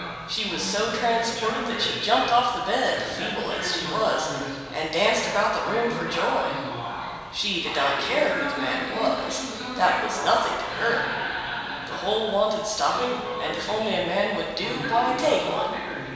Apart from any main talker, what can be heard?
A television.